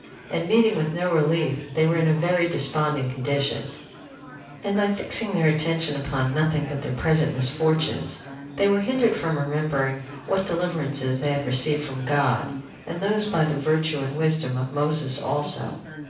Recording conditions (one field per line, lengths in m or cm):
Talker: one person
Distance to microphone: 5.8 m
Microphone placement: far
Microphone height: 1.8 m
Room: medium-sized (5.7 m by 4.0 m)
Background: babble